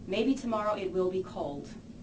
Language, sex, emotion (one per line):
English
female
neutral